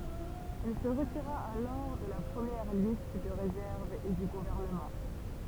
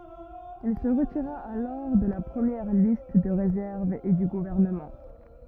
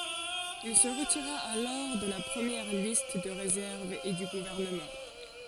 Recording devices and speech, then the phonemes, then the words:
temple vibration pickup, rigid in-ear microphone, forehead accelerometer, read sentence
il sə ʁətiʁa alɔʁ də la pʁəmjɛʁ list də ʁezɛʁv e dy ɡuvɛʁnəmɑ̃
Il se retira alors de la première liste de réserve et du gouvernement.

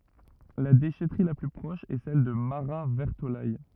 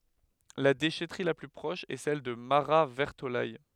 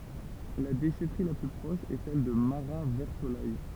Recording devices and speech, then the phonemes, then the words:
rigid in-ear microphone, headset microphone, temple vibration pickup, read sentence
la deʃɛtʁi la ply pʁɔʃ ɛ sɛl də maʁatvɛʁtolɛj
La déchèterie la plus proche est celle de Marat-Vertolaye.

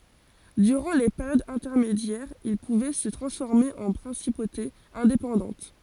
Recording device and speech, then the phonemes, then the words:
forehead accelerometer, read sentence
dyʁɑ̃ le peʁjodz ɛ̃tɛʁmedjɛʁz il puvɛ sə tʁɑ̃sfɔʁme ɑ̃ pʁɛ̃sipotez ɛ̃depɑ̃dɑ̃t
Durant les périodes intermédiaires, ils pouvaient se transformer en principautés indépendantes.

